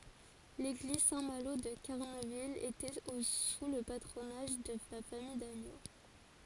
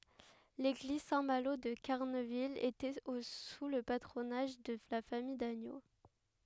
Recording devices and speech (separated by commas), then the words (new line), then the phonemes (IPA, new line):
forehead accelerometer, headset microphone, read sentence
L'église Saint-Malo de Carneville était au sous le patronage de la famille d'Agneaux.
leɡliz sɛ̃ malo də kaʁnəvil etɛt o su lə patʁonaʒ də la famij daɲo